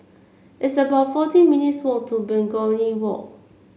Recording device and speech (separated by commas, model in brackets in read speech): mobile phone (Samsung C7), read sentence